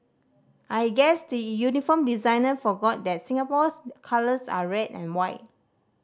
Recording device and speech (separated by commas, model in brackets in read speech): standing microphone (AKG C214), read sentence